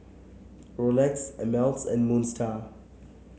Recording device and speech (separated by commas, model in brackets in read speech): mobile phone (Samsung C7), read sentence